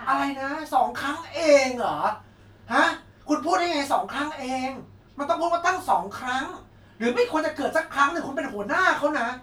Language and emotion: Thai, angry